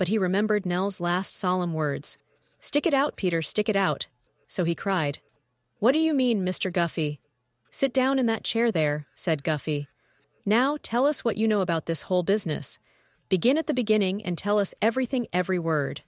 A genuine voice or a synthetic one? synthetic